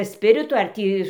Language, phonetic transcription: Lithuanian, ˈspiritu ar ˈtį

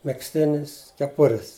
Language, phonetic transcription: Lithuanian, megzˈtinis keˈpuris

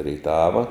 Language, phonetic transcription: Lithuanian, rėiˈtava

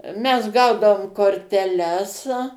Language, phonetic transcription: Lithuanian, ˈmes ˈgaudavom korteˈles

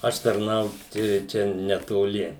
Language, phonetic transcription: Lithuanian, ˈaš tarˈnaut i ˈčia netoˈli

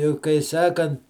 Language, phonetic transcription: Lithuanian, i kai ˈsakant

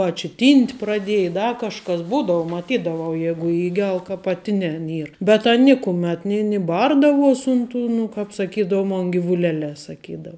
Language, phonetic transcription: Lithuanian, a či ˈtynt' praˈdėji i ˈda kažˈkas ˈbūdavu maˈtydavau ˈjegu ˈįgel ka paˈtinen ˈyr bet ˈan ˈnikumet ni ni ˈbardavuos' ˈun ˌtu nu kāp saˈkydavu ˈmon givuˈlelē saˈkydav

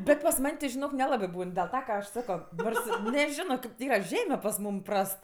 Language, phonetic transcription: Lithuanian, ˈbet pas ˈman' ti žiˈnok neˈlabɜ ˈbūn dėl ˈta ka ˈaš ˈsako ˈnors i neˈžino ˈkaip tė ˈyra ˈžeme pas ˈmūm ˈprast

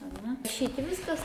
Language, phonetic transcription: Lithuanian, aˈne šiaip ˈviskas

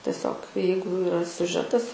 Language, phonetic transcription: Lithuanian, teˈsiog ˈjeigu iˈra siuˈžetas

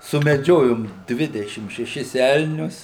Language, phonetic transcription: Lithuanian, sumeˈdžiojom ˈdvidešim šeˈšis ˈelnius

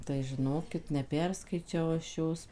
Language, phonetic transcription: Lithuanian, tai žiˈnokit neˈperskaičiau aš ˈjos

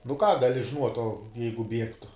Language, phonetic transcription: Lithuanian, nu ką gaˈli žiˈnuot' o ˈjeigu ˈbiegtu

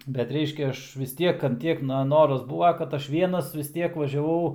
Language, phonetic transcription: Lithuanian, bet ˈreiškia ˈaš vis ˈtiek ant ˈtiek na ˈnoras ˈbūva kad ˈaš ˈvienas vis ˈtiek važiaˈvau

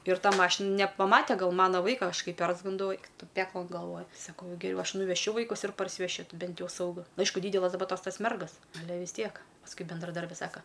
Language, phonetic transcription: Lithuanian, ir ˈta ˈmašin nepaˈmate ˈgal ˈmana ˈvaika ˈaš ˈkai ˈpersgandau ˈeik ˈtu ˈpeklan galˈvoj saˈkau geˈriau ˈaš nuveˈšiu ˈvaikus ir parsiveˈšiu ˈti ˈbent ˈjau sauˈgu nu ˈaišku ˈdydelas daˈba ˈtos ˈtas ˈmergas aˈle vis ˈtiek pasˈkui bendraˈdarbi ˈsaka

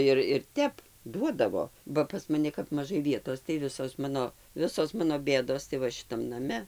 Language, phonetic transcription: Lithuanian, ˈir ir ˈtep ˈduodavo ba pas maˈni kap maˈžai ˈvietos tai ˈvisos ˈmano ˈvisos ˈmano ˈbėdos tai ˈva šiˈtam naˈme

